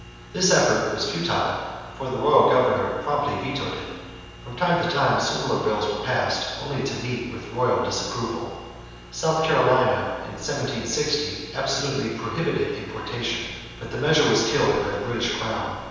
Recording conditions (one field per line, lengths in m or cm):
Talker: one person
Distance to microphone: 7.1 m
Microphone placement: far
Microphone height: 1.7 m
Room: very reverberant, large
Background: none